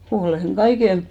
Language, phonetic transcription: Finnish, 'ʰolèŋ "ɢaiken !
- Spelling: olen kaiken

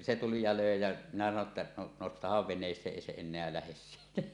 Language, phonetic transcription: Finnish, se tuli ja 'lö̀e jä , minä sano ‿tta , » no 'nostahav veǹees̀eeˀ 'ˀèi 'se "en̆neä lähes siitä « .
- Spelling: se tuli ja löi ja minä sanoin jotta no nostahan veneeseen ei se enää lähde siitä

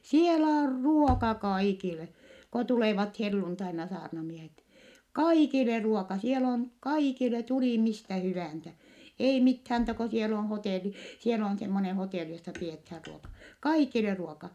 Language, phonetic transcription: Finnish, sielä or ruoka kaikile , ko tulèvat helluntaina saarnamiehet , kaikile ruoka , sielä on , kaikile , tulì mistä hyvä̀nsä , ei mithäm (muu)ta ko siel ‿o hotèli , siel ‿on semmone hotèli jossa piethäär ruoka , kaikile ruoka .
- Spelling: siellä on ruoka kaikille kun tulevat helluntaina saarnamiehet kaikille ruoka siellä on kaikille tuli mistä hyvänsä ei mitään muuta kuin siellä on hotelli siellä on semmoinen hotelli jossa pidetään ruoka kaikille ruoka

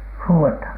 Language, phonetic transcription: Finnish, huu₍ethan ?
- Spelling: huudetaan

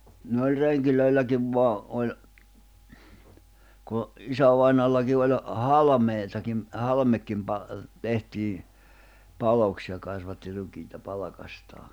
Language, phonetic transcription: Finnish, - - ni oĺ 'reŋkilöilläkiv 'voa , oĺ , ku , 'isävainoallaki oĺ , "halᵃmèitakim , 'halᵃmekkim pa- , 'tehtii , 'paloks ja kasvatti 'rukiita 'palᵃkastaa .
- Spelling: niin oli rengeilläkin vain oli kun isävainajallakin oli halmeitakin halmekin - tehtiin paloksi ja kasvatti rukiita palkastaan

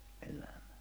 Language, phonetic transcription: Finnish, eläᴍᴀ̈ .
- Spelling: elämä

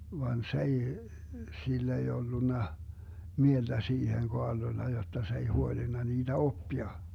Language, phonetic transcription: Finnish, van 's ‿ei , 'sill ‿ei 'ollunna , 'mielDä 'siiheŋ 'Koarlolla jotta s ‿ei 'huolinna 'niiDä "oppia .
- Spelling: vaan se ei sillä ei ollut mieltä siihen Kaarlolla jotta se ei huolinut niitä oppia

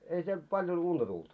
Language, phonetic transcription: Finnish, ei siel 'paljon 'unta tult .
- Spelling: ei siellä paljon unta tullut

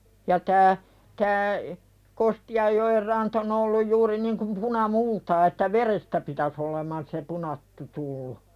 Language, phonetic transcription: Finnish, ja tää , tää , 'Kosti₍ajjo₍er "rant ‿on ‿olluj 'juuri niŋkum puna"multaa että "verestä pitäs ‿oleman se 'punattu tullu .
- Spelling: ja tämä tämä Kostianjoen ranta on ollut juuri niin kuin punamultaa että verestä pitäisi oleman se punattu tullut

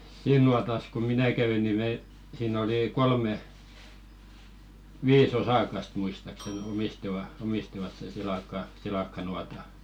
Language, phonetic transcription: Finnish, "siin nuatas ko "minä 'kɛvi ni 'me , siin ‿oli 'kolme , "vii's ‿osakast muistaksen 'omistiva , omistivat sen silakka- 'silakkanuata .
- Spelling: siinä nuotassa kun minä kävin niin me siinä oli kolme viisi osakasta muistaakseni omistivat omistivat sen - silakkanuotan

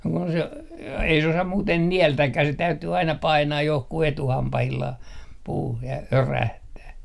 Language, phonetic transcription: Finnish, no kun se , ei se osam 'muuten "niältäkkäh se täytyy aina 'painaaj 'johku'h ‿etuhampahillah , puuh ja , "örähtää .
- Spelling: no kun se ei se osaa muuten nielläkään se täytyy aina painaa johonkin etuhampaillaan puuhun ja örähtää

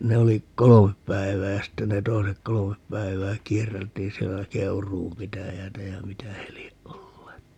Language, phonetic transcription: Finnish, 'ne oli , "kolomep 'päivää ja 'sitte ne 'toisek "kolomep 'päivää 'kierreltiin siellä "Keuruum 'pitäjäätä ja "mitä he lieʼ 'ʼolleet .
- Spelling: ne oli kolme päivää ja sitten ne toiset kolme päivää kierreltiin siellä Keuruun pitäjää ja mitä he lie olleet

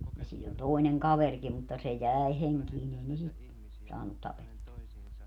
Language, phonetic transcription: Finnish, ja siin ‿oĺ 'toi̮neŋ "kaverkim mutta 'se "jä̀e 'heŋkiin ‿ei ne 'sit , 'saannut 'tapettua .
- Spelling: ja siinä oli toinen kaverikin mutta se jäi henkiin ei ne sitä saanut tapettua

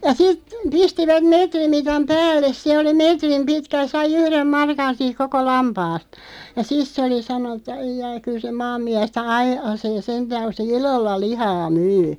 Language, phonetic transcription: Finnish, ja 'sit , 'pistivät 'meetrimitam 'päälles (se) oli "meetrim 'pitkä (ja) 'sai "yhrem 'markan̬ 'siiᵏ "koko 'lampaast , ja 'sis se oli 'sanon̆nu ‿t̆ta » 'aijai kyl se 'maammiästä "a̳§i₍asee "sentääŋ (ku) se "i̳§lolla 'lihaa 'myy « .
- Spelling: ja sitten pistivät metrimitan päälle se oli metrin pitkä ja sai yhden markan siinä koko lampaasta ja sitten se oli sanonut että ai ai kyllä se maanmiestä aiasee sentään kun se ilolla lihaa myy

